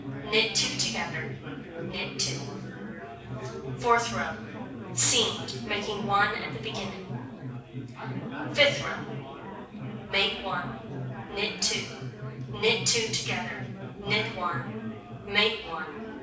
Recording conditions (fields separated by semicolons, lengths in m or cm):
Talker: one person; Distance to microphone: 5.8 m; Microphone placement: far; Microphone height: 1.8 m; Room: medium-sized (5.7 m by 4.0 m); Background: babble